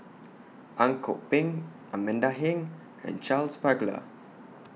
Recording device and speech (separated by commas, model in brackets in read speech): mobile phone (iPhone 6), read sentence